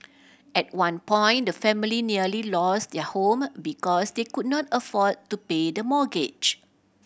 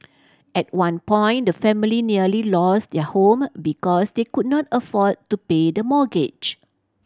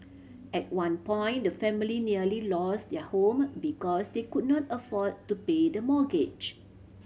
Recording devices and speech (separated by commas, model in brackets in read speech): boundary microphone (BM630), standing microphone (AKG C214), mobile phone (Samsung C7100), read sentence